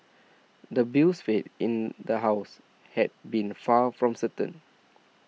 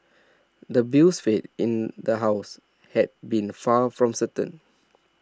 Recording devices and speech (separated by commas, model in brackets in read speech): mobile phone (iPhone 6), standing microphone (AKG C214), read sentence